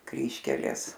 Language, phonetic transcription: Lithuanian, ˈkryžkelės

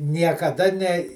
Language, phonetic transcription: Lithuanian, niekaˈda ne

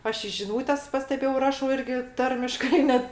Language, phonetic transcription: Lithuanian, ˈaš i žiˈnūtes pasteˈbėjau ˈrašau ˈirgi ˈtarmiškai ˈnet

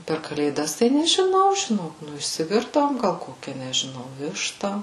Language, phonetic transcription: Lithuanian, per kalėˈdas tai nežiˈnau žiˈnok ˈnu išsiˈvirdavom ˈgal ˈkokia nežiˈnau ˈvišta

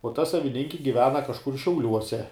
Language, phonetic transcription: Lithuanian, uo ˈta saviˈninki giˈvena kažˈkur šiauˈliuose

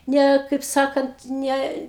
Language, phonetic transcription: Lithuanian, ˈne kaip ˈsakant ˈne

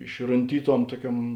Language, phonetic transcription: Lithuanian, išrunˈtyˌtuom ˈtuoˌkiuom

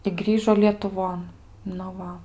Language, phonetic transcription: Lithuanian, i ˈgrįžo lietuˈvon nu ˈva

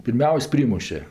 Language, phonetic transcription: Lithuanian, pirˈmiaus' ˈprymuše

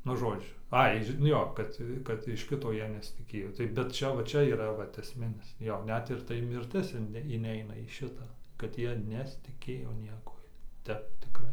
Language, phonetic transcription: Lithuanian, nu ˈžodžiu ˈai ži nu ˈjo ˈkad kad iš ˈkito ˈjie nesitiˈkėjo ˈtai bet ˈčia va ˈčia yˈra ˈvat esˈminis ˈjo ˈnet ir ˈtai ˈmirtis in inˈeina į ˈšitą kad ˈjie nesitiˈkėjo ˈniekuoj ˈtep tiˈkrai

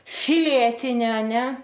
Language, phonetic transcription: Lithuanian, ˈfiletini aˈne

